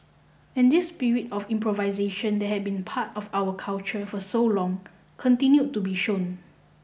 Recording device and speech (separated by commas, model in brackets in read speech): boundary microphone (BM630), read sentence